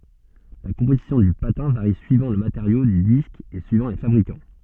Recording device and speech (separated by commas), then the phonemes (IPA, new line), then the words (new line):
soft in-ear microphone, read sentence
la kɔ̃pozisjɔ̃ dy patɛ̃ vaʁi syivɑ̃ lə mateʁjo dy disk e syivɑ̃ le fabʁikɑ̃
La composition du patin varie suivant le matériau du disque et suivant les fabricants.